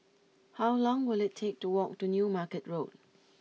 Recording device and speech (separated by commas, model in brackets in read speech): mobile phone (iPhone 6), read sentence